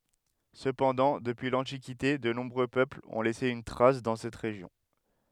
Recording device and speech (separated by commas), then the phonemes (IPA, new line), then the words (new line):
headset microphone, read sentence
səpɑ̃dɑ̃ dəpyi lɑ̃tikite də nɔ̃bʁø pøplz ɔ̃ lɛse yn tʁas dɑ̃ sɛt ʁeʒjɔ̃
Cependant, depuis l'Antiquité, de nombreux peuples ont laissé une trace dans cette région.